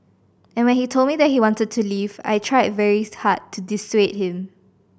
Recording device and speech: boundary microphone (BM630), read sentence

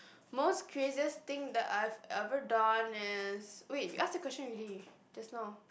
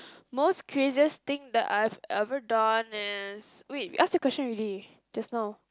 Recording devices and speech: boundary microphone, close-talking microphone, conversation in the same room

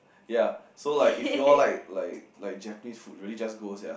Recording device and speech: boundary microphone, conversation in the same room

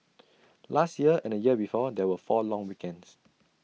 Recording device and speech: mobile phone (iPhone 6), read sentence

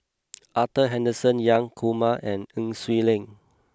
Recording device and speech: close-talking microphone (WH20), read sentence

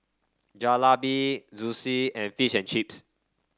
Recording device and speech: standing microphone (AKG C214), read sentence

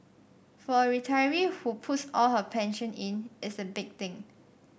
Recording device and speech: boundary microphone (BM630), read sentence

